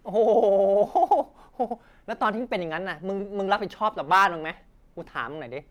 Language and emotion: Thai, frustrated